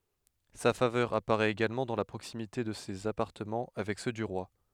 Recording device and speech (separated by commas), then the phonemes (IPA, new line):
headset microphone, read sentence
sa favœʁ apaʁɛt eɡalmɑ̃ dɑ̃ la pʁoksimite də sez apaʁtəmɑ̃ avɛk sø dy ʁwa